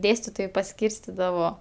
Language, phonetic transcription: Lithuanian, ˈdėstitojai paˈskyrstidavo

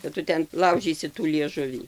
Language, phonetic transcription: Lithuanian, kad ˈtu ˈten ˈlaužysi tų lieˈžuvį

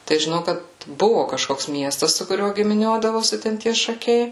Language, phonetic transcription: Lithuanian, tai žiˈnau ˈkad ˈbuvu kažˈkoks ˈmiestas su kuˈriuo gimiˈniuodavosi ten ˈtie šaˈkiai

